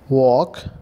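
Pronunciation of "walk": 'walk' is pronounced correctly here.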